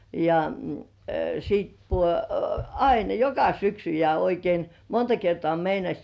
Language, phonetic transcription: Finnish, ja sit (pu-) , ain "joka 'syksy ja oikein "monta 'kertoà meinaś .
- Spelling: ja sitten - aina joka syksy ja oikein monta kertaa meinasi

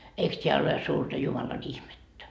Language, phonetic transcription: Finnish, 'eiks 't́eä ole suurta 'Jumalan "ihmettä ?
- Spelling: eikös tämä ole suurta Jumalan ihmettä

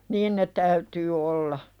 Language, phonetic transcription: Finnish, niin ne täytyy olla .
- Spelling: niin ne täytyy olla

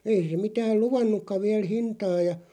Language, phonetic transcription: Finnish, » 'ei se 'mitääˡ "luvannukkaᵛ 'viäl "hintaa « ja .
- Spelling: ei se mitään luvannutkaan vielä hintaa ja

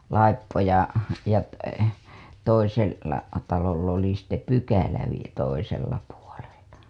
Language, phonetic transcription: Finnish, 'laippo ja ja , toisel- , -la taloll ‿oli sitte "pykälä vie- , 'toisella puolella .
- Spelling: laippo ja ja - toisella talolla oli sitten pykälä - toisella puolella

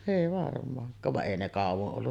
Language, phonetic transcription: Finnish, èi varm̀aaŋk̀aav vaˀ "ˀèi ne 'kàuvoˀ 'ˀollu .
- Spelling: ei varmaankaan vaan ei ne kauan ollut

